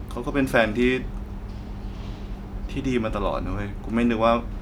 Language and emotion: Thai, sad